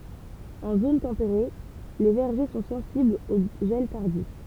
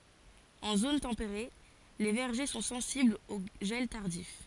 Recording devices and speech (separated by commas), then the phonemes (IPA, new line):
temple vibration pickup, forehead accelerometer, read sentence
ɑ̃ zon tɑ̃peʁe le vɛʁʒe sɔ̃ sɑ̃siblz o ʒɛl taʁdif